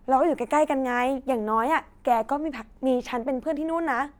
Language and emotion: Thai, happy